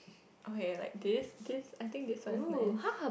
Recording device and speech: boundary microphone, conversation in the same room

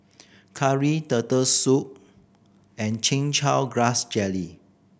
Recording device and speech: boundary microphone (BM630), read sentence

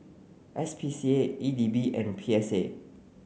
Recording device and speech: mobile phone (Samsung C9), read sentence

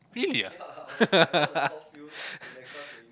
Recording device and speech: close-talking microphone, conversation in the same room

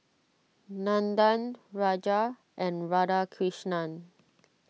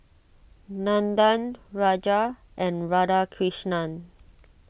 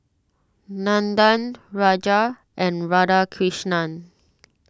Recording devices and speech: mobile phone (iPhone 6), boundary microphone (BM630), standing microphone (AKG C214), read sentence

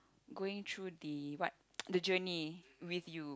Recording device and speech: close-talking microphone, conversation in the same room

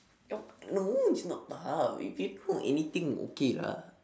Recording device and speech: standing microphone, conversation in separate rooms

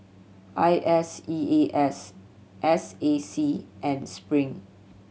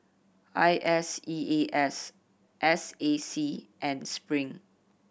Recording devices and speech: mobile phone (Samsung C7100), boundary microphone (BM630), read sentence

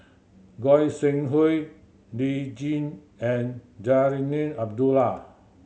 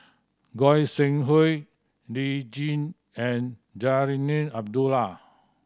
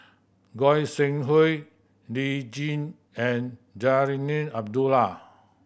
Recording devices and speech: mobile phone (Samsung C7100), standing microphone (AKG C214), boundary microphone (BM630), read sentence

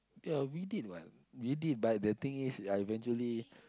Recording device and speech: close-talking microphone, conversation in the same room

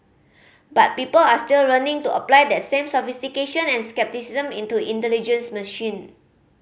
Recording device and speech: mobile phone (Samsung C5010), read sentence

